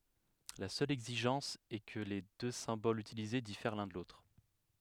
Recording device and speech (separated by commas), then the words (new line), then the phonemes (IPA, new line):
headset microphone, read sentence
La seule exigence est que les deux symboles utilisés diffèrent l'un de l'autre.
la sœl ɛɡziʒɑ̃s ɛ kə le dø sɛ̃bolz ytilize difɛʁ lœ̃ də lotʁ